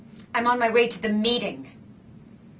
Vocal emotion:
angry